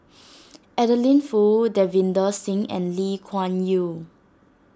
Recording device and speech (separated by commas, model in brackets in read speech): standing microphone (AKG C214), read sentence